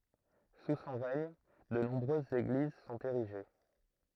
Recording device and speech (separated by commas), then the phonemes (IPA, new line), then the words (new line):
throat microphone, read sentence
su sɔ̃ ʁɛɲ də nɔ̃bʁøzz eɡliz sɔ̃t eʁiʒe
Sous son règne, de nombreuses églises sont érigées.